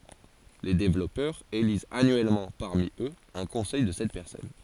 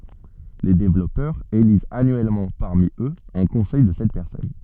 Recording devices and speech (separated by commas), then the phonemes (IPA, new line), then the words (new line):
forehead accelerometer, soft in-ear microphone, read sentence
le devlɔpœʁz elizt anyɛlmɑ̃ paʁmi øz œ̃ kɔ̃sɛj də sɛt pɛʁsɔn
Les développeurs élisent annuellement parmi eux un conseil de sept personnes.